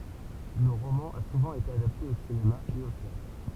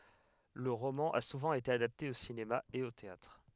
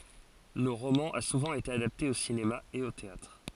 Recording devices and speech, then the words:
temple vibration pickup, headset microphone, forehead accelerometer, read sentence
Le roman a souvent été adapté au cinéma et au théâtre.

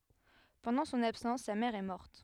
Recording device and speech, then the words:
headset microphone, read sentence
Pendant son absence sa mère est morte.

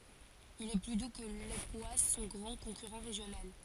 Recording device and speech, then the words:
forehead accelerometer, read sentence
Il est plus doux que l'époisses, son grand concurrent régional.

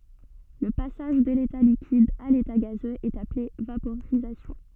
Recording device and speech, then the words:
soft in-ear microphone, read sentence
Le passage de l'état liquide à l'état gazeux est appelé vaporisation.

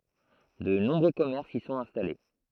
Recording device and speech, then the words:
throat microphone, read sentence
De nombreux commerces y sont installés.

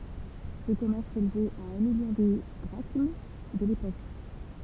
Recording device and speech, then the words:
temple vibration pickup, read sentence
Ce commerce s'élevait à un million de drachmes de l'époque.

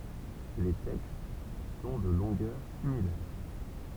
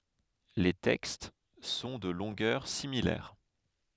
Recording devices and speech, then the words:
temple vibration pickup, headset microphone, read sentence
Les textes sont de longueurs similaires.

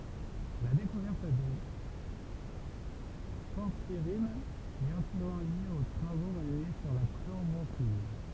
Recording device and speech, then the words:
temple vibration pickup, read sentence
La découverte des porphyrines est intimement liée aux travaux menés sur la chlorophylle.

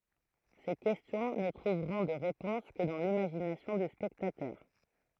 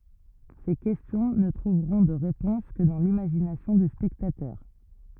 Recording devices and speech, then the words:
throat microphone, rigid in-ear microphone, read sentence
Ces questions ne trouveront de réponse que dans l'imagination du spectateur.

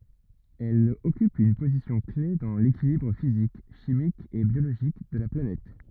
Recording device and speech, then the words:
rigid in-ear microphone, read sentence
Elle occupe une position-clef dans l'équilibre physique, chimique et biologique de la planète.

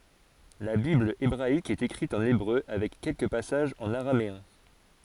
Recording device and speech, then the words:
forehead accelerometer, read sentence
La Bible hébraïque est écrite en hébreu avec quelques passages en araméen.

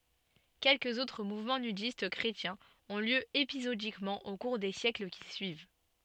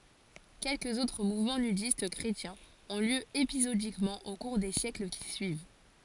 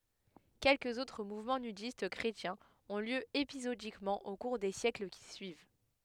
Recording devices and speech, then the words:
soft in-ear microphone, forehead accelerometer, headset microphone, read sentence
Quelques autres mouvements nudistes chrétiens ont lieu épisodiquement au cours des siècles qui suivent.

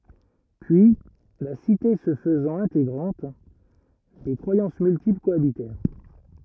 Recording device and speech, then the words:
rigid in-ear microphone, read sentence
Puis, la cité se faisant intégrante, des croyances multiples cohabitèrent.

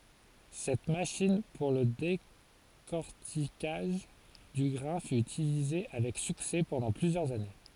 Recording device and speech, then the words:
forehead accelerometer, read sentence
Cette machine pour le décorticage du grain fut utilisée avec succès pendant plusieurs années.

